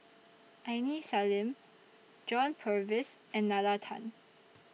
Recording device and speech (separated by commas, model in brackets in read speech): mobile phone (iPhone 6), read sentence